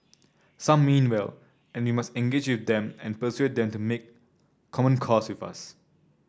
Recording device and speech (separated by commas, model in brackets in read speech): standing microphone (AKG C214), read sentence